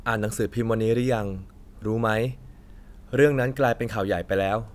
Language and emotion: Thai, neutral